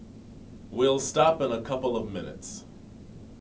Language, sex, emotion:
English, male, neutral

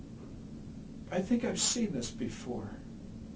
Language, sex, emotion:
English, male, neutral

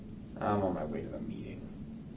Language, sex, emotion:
English, male, neutral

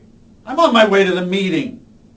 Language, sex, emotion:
English, male, angry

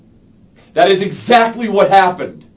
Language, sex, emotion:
English, male, angry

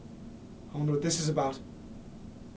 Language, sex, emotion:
English, male, fearful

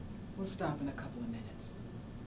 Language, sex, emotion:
English, female, neutral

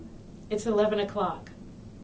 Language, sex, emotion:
English, female, neutral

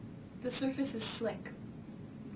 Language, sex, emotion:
English, female, neutral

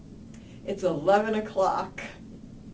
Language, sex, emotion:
English, female, happy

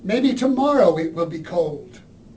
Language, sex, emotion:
English, male, neutral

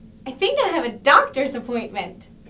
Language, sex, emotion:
English, female, happy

